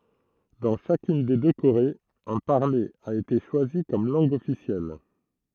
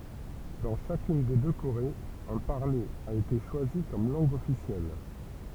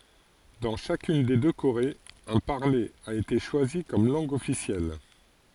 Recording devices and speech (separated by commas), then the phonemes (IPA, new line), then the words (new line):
throat microphone, temple vibration pickup, forehead accelerometer, read sentence
dɑ̃ ʃakyn de dø koʁez œ̃ paʁle a ete ʃwazi kɔm lɑ̃ɡ ɔfisjɛl
Dans chacune des deux Corées, un parler a été choisi comme langue officielle.